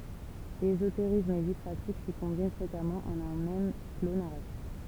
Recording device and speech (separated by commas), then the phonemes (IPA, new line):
temple vibration pickup, read sentence
ezoteʁism e vi pʁatik si kɔ̃bin fʁekamɑ̃ ɑ̃n œ̃ mɛm flo naʁatif